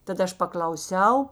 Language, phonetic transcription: Lithuanian, tad ˈaš paklauˈsiau

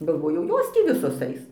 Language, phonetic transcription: Lithuanian, galˈvojau ˈjos tį ˈvisos ˈais

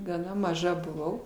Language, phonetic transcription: Lithuanian, gaˈna maˈža buˈvau

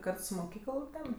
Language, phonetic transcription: Lithuanian, ˈkart su moˈkykəl ten

